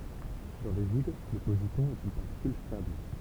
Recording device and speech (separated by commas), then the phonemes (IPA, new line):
temple vibration pickup, read sentence
dɑ̃ lə vid lə pozitɔ̃ ɛt yn paʁtikyl stabl